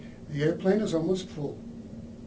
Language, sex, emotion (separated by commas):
English, male, neutral